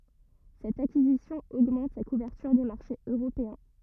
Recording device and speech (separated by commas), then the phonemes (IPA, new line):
rigid in-ear microphone, read sentence
sɛt akizisjɔ̃ oɡmɑ̃t sa kuvɛʁtyʁ de maʁʃez øʁopeɛ̃